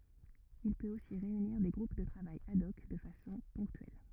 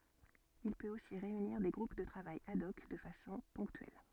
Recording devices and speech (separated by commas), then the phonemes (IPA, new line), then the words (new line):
rigid in-ear microphone, soft in-ear microphone, read sentence
il pøt osi ʁeyniʁ de ɡʁup də tʁavaj ad ɔk də fasɔ̃ pɔ̃ktyɛl
Il peut aussi réunir des groupes de travail ad hoc de façon ponctuelle.